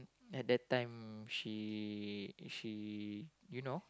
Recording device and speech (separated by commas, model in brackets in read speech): close-talking microphone, conversation in the same room